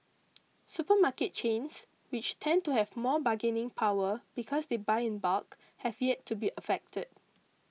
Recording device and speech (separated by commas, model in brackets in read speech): mobile phone (iPhone 6), read sentence